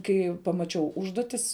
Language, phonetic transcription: Lithuanian, ˈkai pamaˈčiau ˈužduotis

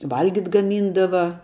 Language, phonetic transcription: Lithuanian, ˈvalgit' gaˈmyndava

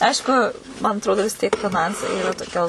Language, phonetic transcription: Lithuanian, ˈaišku man atˈrodo vis ˈtiek fiˈnansai toˈkia

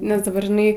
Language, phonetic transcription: Lithuanian, nes daˈbar žiˈnai

